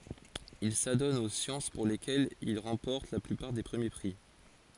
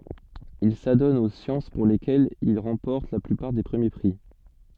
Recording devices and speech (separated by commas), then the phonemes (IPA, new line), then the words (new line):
forehead accelerometer, soft in-ear microphone, read sentence
il sadɔn o sjɑ̃s puʁ lekɛlz il ʁɑ̃pɔʁt la plypaʁ de pʁəmje pʁi
Il s'adonne aux sciences pour lesquelles il remporte la plupart des premiers prix.